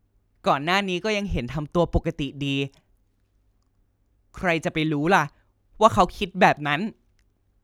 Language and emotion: Thai, neutral